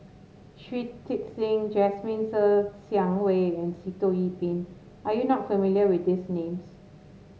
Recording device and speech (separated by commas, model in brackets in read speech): mobile phone (Samsung S8), read sentence